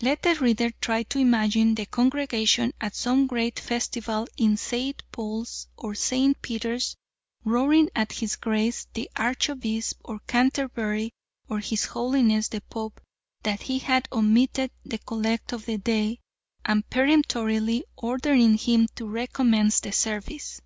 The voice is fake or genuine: genuine